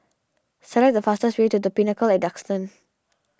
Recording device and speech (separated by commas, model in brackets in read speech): standing microphone (AKG C214), read sentence